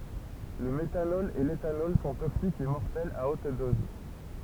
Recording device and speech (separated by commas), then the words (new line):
temple vibration pickup, read sentence
Le méthanol et l'éthanol sont toxiques et mortels à haute dose.